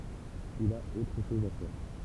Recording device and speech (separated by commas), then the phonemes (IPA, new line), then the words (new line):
temple vibration pickup, read sentence
il a otʁ ʃɔz a fɛʁ
Il a autre chose à faire.